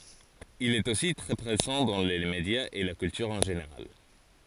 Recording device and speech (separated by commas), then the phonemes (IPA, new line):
forehead accelerometer, read sentence
il ɛt osi tʁɛ pʁezɑ̃ dɑ̃ le medjaz e la kyltyʁ ɑ̃ ʒeneʁal